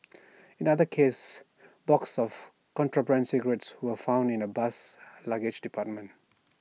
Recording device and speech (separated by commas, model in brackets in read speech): mobile phone (iPhone 6), read sentence